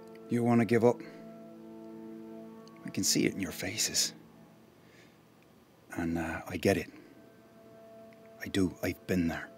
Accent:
Irish accent